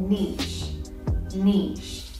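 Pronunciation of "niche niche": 'Niche' is said the UK way, with a very soft sound: it has an sh sound, not a ch sound or a hard k sound.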